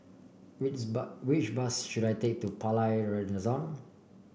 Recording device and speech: boundary microphone (BM630), read sentence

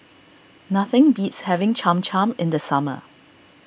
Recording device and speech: boundary microphone (BM630), read sentence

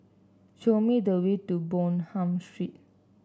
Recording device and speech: standing microphone (AKG C214), read sentence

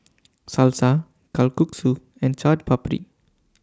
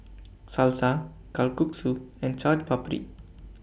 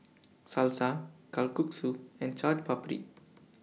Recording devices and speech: standing microphone (AKG C214), boundary microphone (BM630), mobile phone (iPhone 6), read sentence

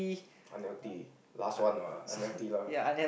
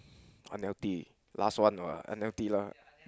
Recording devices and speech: boundary microphone, close-talking microphone, conversation in the same room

